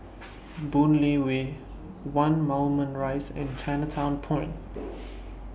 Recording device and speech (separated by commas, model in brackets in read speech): boundary microphone (BM630), read sentence